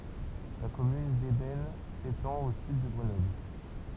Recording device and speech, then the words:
temple vibration pickup, read sentence
La commune d'Eybens s'étend au sud de Grenoble.

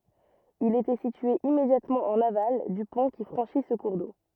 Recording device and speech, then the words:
rigid in-ear microphone, read sentence
Il était situé immédiatement en aval du pont qui franchit ce cours d'eau.

